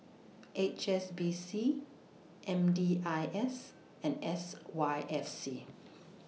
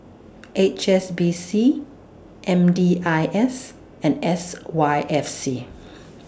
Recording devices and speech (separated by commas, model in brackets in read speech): mobile phone (iPhone 6), standing microphone (AKG C214), read sentence